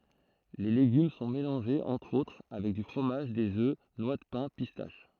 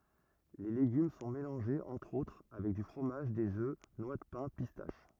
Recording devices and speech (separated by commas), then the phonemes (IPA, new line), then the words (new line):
throat microphone, rigid in-ear microphone, read sentence
le leɡym sɔ̃ melɑ̃ʒez ɑ̃tʁ otʁ avɛk dy fʁomaʒ dez ø nwa də pɛ̃ pistaʃ
Les légumes sont mélangés entre-autres avec du fromage, des œufs, noix de pin, pistaches.